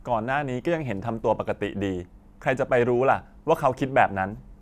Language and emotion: Thai, frustrated